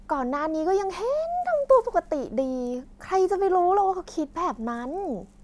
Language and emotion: Thai, happy